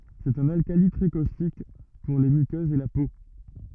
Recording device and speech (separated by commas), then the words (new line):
rigid in-ear microphone, read sentence
C'est un alcali très caustique, pour les muqueuses et la peau.